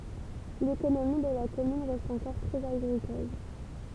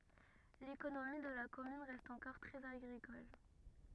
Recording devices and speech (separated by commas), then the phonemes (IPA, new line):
temple vibration pickup, rigid in-ear microphone, read sentence
lekonomi də la kɔmyn ʁɛst ɑ̃kɔʁ tʁɛz aɡʁikɔl